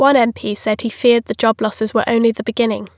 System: none